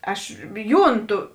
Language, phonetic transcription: Lithuanian, ˈaš ˈjūnˌtu

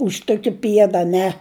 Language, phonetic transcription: Lithuanian, už ˈtuki ˈpieda aˈne

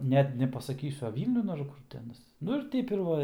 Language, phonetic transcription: Lithuanian, ˈnet nepasaˈkysiu a ˈvylniun ar ˈkur ti ˈanas ˈnu ir ˈteip ir ˈva ir

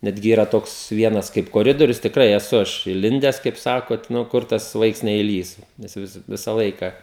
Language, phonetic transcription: Lithuanian, ˈnetgi ˈyra ˈtoks ˈvienas kaip koˈridorius tikˈrai eˈsu ˈaš iˈlindes kaip ˈsako ˈnu ˈkur tas ˈvaiks neiˈlįs ˈnes jau vis ˈvisa ˈlaika

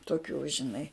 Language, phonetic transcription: Lithuanian, toˈkių žiˈnai

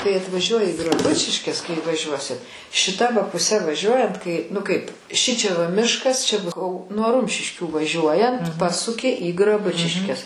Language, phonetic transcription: Lithuanian, kai atvaˈžiuoji i graˈbučiškes kai vaˈžiuosit šiˈta va puˈse vaˈžiuojant kai nu ˈkaip ˈšičia va ˈmiškas ˈčia ˈbus nuo ˈrumšiškių vaˈžiuojant ˈpasuki į graˈbučiškes

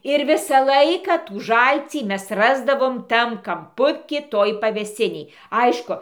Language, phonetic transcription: Lithuanian, ir ˈvisą ˈlaiką tų ˈžalcį ˈmes ˈrasdavom ˈtam kamˈpuky ˈtoj pavėˈsinėj ˈaišku

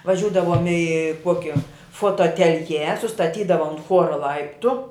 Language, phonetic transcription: Lithuanian, vaˈžiūdavom i ˈkuokia fotoatelˈje sustaˈtydava unt ˈchuora ˈlaiptu

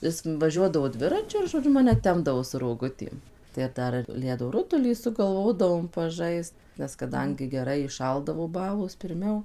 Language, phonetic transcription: Lithuanian, ˈis vaˈžiuodavo ˈdviračiu ir žoˈdžiu ˈmane ˈtempdavo su roˈgutėm tai ˈdar ir ˈledo ˈrutulį sugalˈvodavom paˈžaist nes kaˈdangi geˈrai įˈšaldavo ˈbalos pirˈmiau

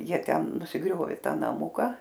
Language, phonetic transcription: Lithuanian, ˈjie ˈten nusiˈgriovė ˈtą naˈmuka

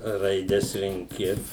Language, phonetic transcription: Lithuanian, raiˈdes renˈki

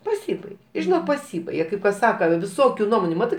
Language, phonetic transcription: Lithuanian, paˈsybaige i žiˈnok paˈsybaige kaip kas ˈsaka viˈsokių ˈnuomonių ˈmatɜ

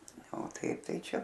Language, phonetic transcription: Lithuanian, o ˈtaip ˈtai ˈčia

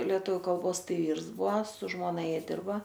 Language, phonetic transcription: Lithuanian, lieˈtuviu kalˈbosˈtai ˈvyrs ˈbua su ˈžmona ˈjie ˈdirba

